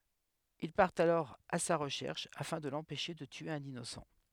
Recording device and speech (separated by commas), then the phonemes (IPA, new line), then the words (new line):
headset microphone, read sentence
il paʁtt alɔʁ a sa ʁəʃɛʁʃ afɛ̃ də lɑ̃pɛʃe də tye œ̃n inosɑ̃
Ils partent alors à sa recherche afin de l'empêcher de tuer un innocent.